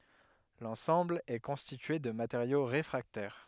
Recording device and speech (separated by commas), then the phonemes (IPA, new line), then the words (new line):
headset microphone, read sentence
lɑ̃sɑ̃bl ɛ kɔ̃stitye də mateʁjo ʁefʁaktɛʁ
L'ensemble est constitué de matériaux réfractaires.